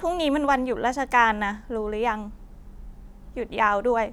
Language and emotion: Thai, sad